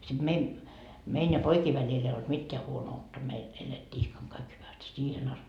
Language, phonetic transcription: Finnish, siD mein , 'mein ja "poikii välil ‿ei olt 'mitteä 'huono₍utta meil , 'elettii 'ihkaŋ kaik hyväst , 'siihen ‿ast .
- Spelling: sitten meidän meidän ja poikien välillä ei ollut mitään huonoutta meillä elettiin ihkan kaikki hyvästi siihen asti

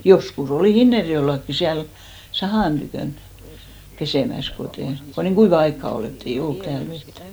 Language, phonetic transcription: Finnish, 'josku"s ‿olì "Hinnerjo₍ellakki , 'siäl , "sahàn tykö̀n , 'pesèmäs , kotè , ko niiŋ "ɢuiva 'aikka 'ol , ett ‿ei 'ollut 'tääl vettᴀ̈ .
- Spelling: joskus oli Hinnerjoellakin siellä sahan tykönä pesemässä kun ei kun niin kuivaa aikaa oli että ei ollut täällä vettä

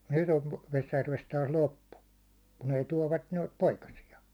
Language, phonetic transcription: Finnish, 'nyt ‿ov 'Vesjärvest taas "loppu , kun ‿ei 'tuåvvat noit 'poikasi₍a .
- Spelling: nyt on Vesijärvestä taas loppu kun ei tuovat noita poikasia

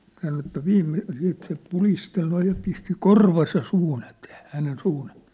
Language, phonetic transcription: Finnish, sano että 'viimmi- , siit se 'pulistel noij ja pisti "korvasa 'suun ‿etee , hänen 'suun ‿e(tee) .
- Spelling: sanoi että - sitten se pudisteli noin ja pisti korvansa suun eteen hänen suun eteen

